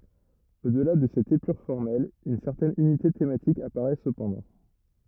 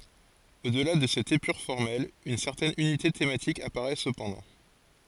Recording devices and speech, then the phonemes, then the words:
rigid in-ear microphone, forehead accelerometer, read sentence
o dəla də sɛt epyʁ fɔʁmɛl yn sɛʁtɛn ynite tematik apaʁɛ səpɑ̃dɑ̃
Au-delà de cette épure formelle, une certaine unité thématique apparaît cependant.

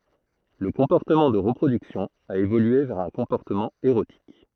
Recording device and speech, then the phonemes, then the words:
throat microphone, read sentence
lə kɔ̃pɔʁtəmɑ̃ də ʁəpʁodyksjɔ̃ a evolye vɛʁ œ̃ kɔ̃pɔʁtəmɑ̃ eʁotik
Le comportement de reproduction a évolué vers un comportement érotique.

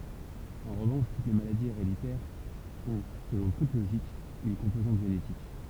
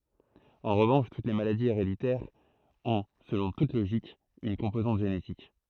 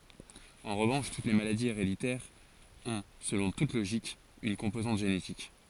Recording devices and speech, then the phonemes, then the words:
temple vibration pickup, throat microphone, forehead accelerometer, read sentence
ɑ̃ ʁəvɑ̃ʃ tut le maladiz eʁeditɛʁz ɔ̃ səlɔ̃ tut loʒik yn kɔ̃pozɑ̃t ʒenetik
En revanche, toutes les maladies héréditaires ont, selon toute logique, une composante génétique.

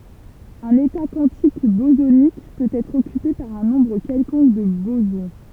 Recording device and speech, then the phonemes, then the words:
temple vibration pickup, read sentence
œ̃n eta kwɑ̃tik bozonik pøt ɛtʁ ɔkype paʁ œ̃ nɔ̃bʁ kɛlkɔ̃k də bozɔ̃
Un état quantique bosonique peut être occupé par un nombre quelconque de bosons.

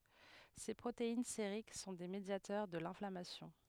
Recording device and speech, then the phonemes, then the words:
headset microphone, read sentence
se pʁotein seʁik sɔ̃ de medjatœʁ də lɛ̃flamasjɔ̃
Ces protéines sériques sont des médiateurs de l'inflammation.

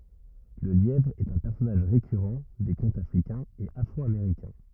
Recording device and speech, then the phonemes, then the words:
rigid in-ear microphone, read sentence
lə ljɛvʁ ɛt œ̃ pɛʁsɔnaʒ ʁekyʁɑ̃ de kɔ̃tz afʁikɛ̃z e afʁɔameʁikɛ̃
Le lièvre est un personnage récurrent des contes africains et afro-américains.

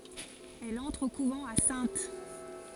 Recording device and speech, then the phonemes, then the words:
forehead accelerometer, read sentence
ɛl ɑ̃tʁ o kuvɑ̃ a sɛ̃t
Elle entre au couvent à Saintes.

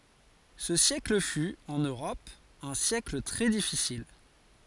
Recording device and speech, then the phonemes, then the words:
forehead accelerometer, read sentence
sə sjɛkl fy ɑ̃n øʁɔp œ̃ sjɛkl tʁɛ difisil
Ce siècle fut, en Europe, un siècle très difficile.

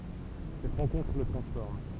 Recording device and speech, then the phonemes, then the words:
temple vibration pickup, read sentence
sɛt ʁɑ̃kɔ̃tʁ lə tʁɑ̃sfɔʁm
Cette rencontre le transforme.

